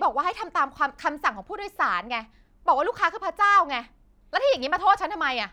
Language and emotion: Thai, angry